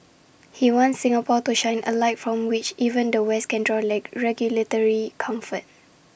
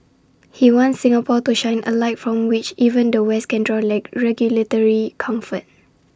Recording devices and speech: boundary microphone (BM630), standing microphone (AKG C214), read sentence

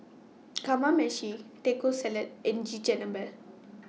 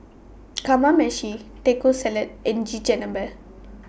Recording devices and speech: mobile phone (iPhone 6), boundary microphone (BM630), read sentence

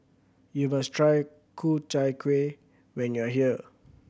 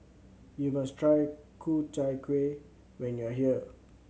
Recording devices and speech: boundary microphone (BM630), mobile phone (Samsung C7100), read sentence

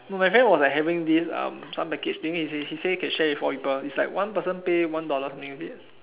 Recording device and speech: telephone, conversation in separate rooms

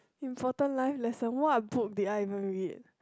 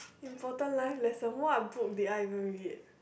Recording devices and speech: close-talking microphone, boundary microphone, conversation in the same room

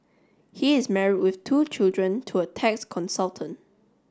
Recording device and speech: standing microphone (AKG C214), read sentence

